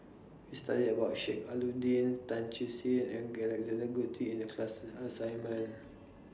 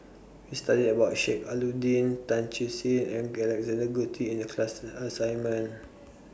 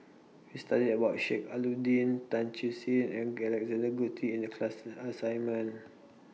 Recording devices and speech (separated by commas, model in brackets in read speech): standing microphone (AKG C214), boundary microphone (BM630), mobile phone (iPhone 6), read sentence